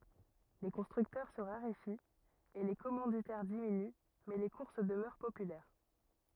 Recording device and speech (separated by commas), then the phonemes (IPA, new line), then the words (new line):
rigid in-ear microphone, read sentence
le kɔ̃stʁyktœʁ sə ʁaʁefit e le kɔmɑ̃ditɛʁ diminy mɛ le kuʁs dəmœʁ popylɛʁ
Les constructeurs se raréfient et les commanditaires diminuent mais les courses demeurent populaires.